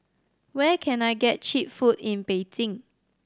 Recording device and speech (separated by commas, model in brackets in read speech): standing microphone (AKG C214), read sentence